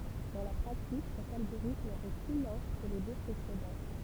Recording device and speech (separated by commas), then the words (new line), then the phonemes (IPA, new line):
temple vibration pickup, read sentence
Dans la pratique, cet algorithme est plus lent que les deux précédents.
dɑ̃ la pʁatik sɛt alɡoʁitm ɛ ply lɑ̃ kə le dø pʁesedɑ̃